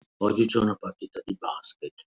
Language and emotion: Italian, disgusted